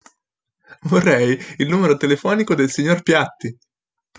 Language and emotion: Italian, happy